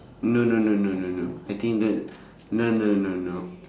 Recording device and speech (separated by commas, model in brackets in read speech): standing microphone, conversation in separate rooms